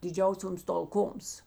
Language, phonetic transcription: Lithuanian, diˈdžiausioms talˈkoms

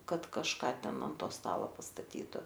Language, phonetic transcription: Lithuanian, ˈkad kažˈka ˈten an ˈto ˈstala pastaˈtytu

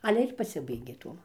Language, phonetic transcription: Lithuanian, ˈale ir paˈsibaigė ˈtuom

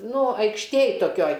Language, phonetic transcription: Lithuanian, ˈnu aikšˈtėj toˈkioj

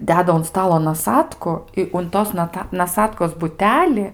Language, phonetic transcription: Lithuanian, ˈdeda un ˈstalo naˈsatku i un ˈtos naˈta naˈsatkos buˈteli

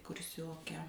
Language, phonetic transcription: Lithuanian, kurˈsioke

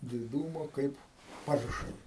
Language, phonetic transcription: Lithuanian, diˈdūmo ˈkaip ˈparšai

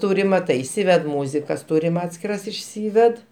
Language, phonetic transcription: Lithuanian, ˈtūrim maˈtai iˈsyved ˈmūzikas ˈtūrim ˈatskiras išˈsyved

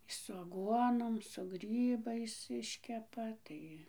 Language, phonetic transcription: Lithuanian, su aˈguonom su ˈgrybais ˈiškepa ˈtai

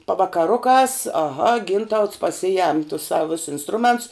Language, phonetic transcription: Lithuanian, pavakaˈrukās aˈha ˈgintauts paˈsijem tus ˈsav vis insˈtruments

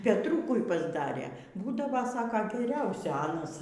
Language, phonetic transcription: Lithuanian, petˈrūkui pasˈdarė ˈbūdavo ˈsako geˈriausiu ˈanas

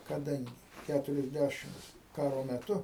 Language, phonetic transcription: Lithuanian, kaˈdangi ˈkæturiasˌdæšimts ˈkaro meˈtu

